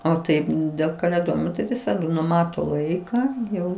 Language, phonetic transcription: Lithuanian, o ˈtaip dėl kalėˈdojimo tai ˈvisadu nuˈmato ˈlaiką ˈjau

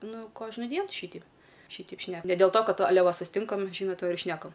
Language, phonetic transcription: Lithuanian, ˈnu ˈkožnudien ˈšyteip ˈšyteip ˈšne ne del to ˈkad aˈle susiˈtinkam ˈžynot ˈva ir ˈšnekam

